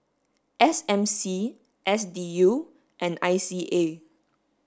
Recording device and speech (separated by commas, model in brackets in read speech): standing microphone (AKG C214), read sentence